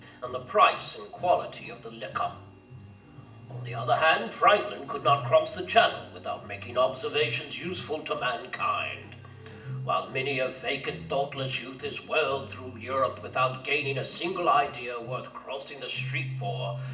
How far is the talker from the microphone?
1.8 m.